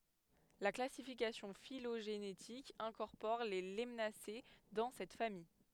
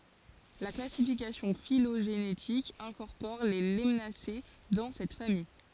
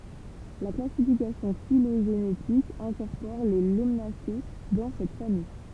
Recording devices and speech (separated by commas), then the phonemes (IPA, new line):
headset microphone, forehead accelerometer, temple vibration pickup, read sentence
la klasifikasjɔ̃ filoʒenetik ɛ̃kɔʁpɔʁ le lanase dɑ̃ sɛt famij